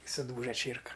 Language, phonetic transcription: Lithuanian, i suˈdūža ˈčėrka

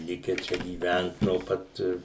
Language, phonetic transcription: Lithuanian, ˈlike ˈčia gyˈvænt no ˈpat

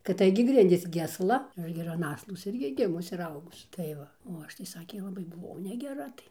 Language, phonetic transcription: Lithuanian, kad ˈtaigi ˈgrindys gi asˈla ˈaš gi ir an ˈaslos ˈirgi ˈgimus ir ˈaugus tai ˈva o ˈaš tai ˈsakė laˈbai buˈvau negeˈra tai

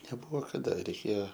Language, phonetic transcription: Lithuanian, neˈbuvo kaˈda reiˈkėjo

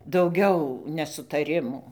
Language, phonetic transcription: Lithuanian, dauˈgiau nesutaˈrimų

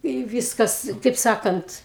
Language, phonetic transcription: Lithuanian, i ˈvyskas taip ˈsakant

